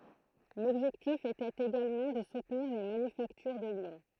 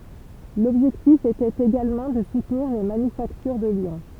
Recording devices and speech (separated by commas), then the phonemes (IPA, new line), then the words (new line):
throat microphone, temple vibration pickup, read sentence
lɔbʒɛktif etɛt eɡalmɑ̃ də sutniʁ le manyfaktyʁ də ljɔ̃
L'objectif était également de soutenir les manufactures de Lyon.